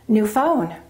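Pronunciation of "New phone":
In 'new phone', the voice goes up on the word 'phone'.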